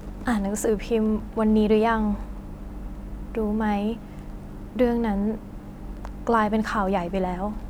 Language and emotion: Thai, frustrated